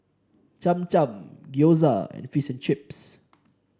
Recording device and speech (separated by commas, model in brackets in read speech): standing microphone (AKG C214), read sentence